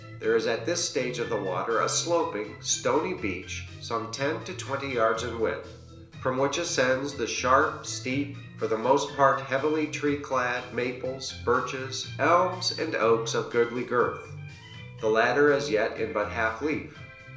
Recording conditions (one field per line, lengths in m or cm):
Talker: one person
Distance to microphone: 1.0 m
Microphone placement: close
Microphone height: 1.1 m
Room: small (3.7 m by 2.7 m)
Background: music